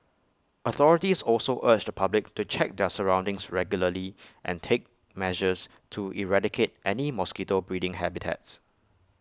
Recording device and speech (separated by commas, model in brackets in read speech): close-talking microphone (WH20), read sentence